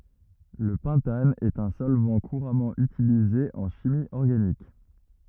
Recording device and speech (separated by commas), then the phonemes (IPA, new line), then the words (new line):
rigid in-ear microphone, read sentence
lə pɑ̃tan ɛt œ̃ sɔlvɑ̃ kuʁamɑ̃ ytilize ɑ̃ ʃimi ɔʁɡanik
Le pentane est un solvant couramment utilisé en chimie organique.